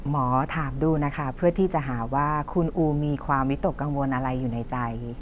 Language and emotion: Thai, neutral